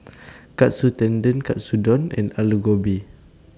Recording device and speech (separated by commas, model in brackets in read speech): standing microphone (AKG C214), read sentence